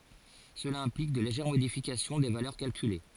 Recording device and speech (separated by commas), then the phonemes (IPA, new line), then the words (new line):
forehead accelerometer, read sentence
səla ɛ̃plik də leʒɛʁ modifikasjɔ̃ de valœʁ kalkyle
Cela implique de légères modifications des valeurs calculées.